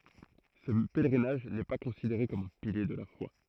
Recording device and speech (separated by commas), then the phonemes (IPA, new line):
throat microphone, read sentence
sə pɛlʁinaʒ nɛ pa kɔ̃sideʁe kɔm œ̃ pilje də la fwa